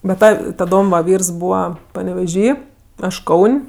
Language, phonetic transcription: Lithuanian, be ˈta taˈdom va ˈvyrs ˈbūva paneveˈžy ˈaš ˈkaun'

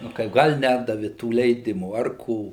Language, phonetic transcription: Lithuanian, nu ˈkaip ˈgal' ˈnedavi tų leiˈdimų ar ˈko

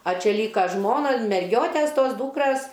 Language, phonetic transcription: Lithuanian, a ˈčia ˈlyka ˈžmona merˈgiotes ˈtos ˈdūkras

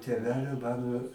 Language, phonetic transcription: Lithuanian, tėˈvelio ˈmano

